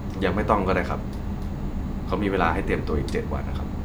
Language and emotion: Thai, neutral